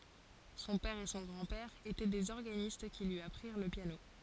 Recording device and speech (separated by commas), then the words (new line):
forehead accelerometer, read sentence
Son père et son grand-père étaient des organistes qui lui apprirent le piano.